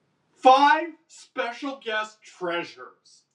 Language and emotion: English, disgusted